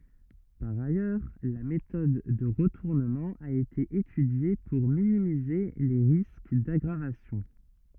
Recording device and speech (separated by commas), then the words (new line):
rigid in-ear microphone, read sentence
Par ailleurs, la méthode de retournement a été étudiée pour minimiser les risques d'aggravation.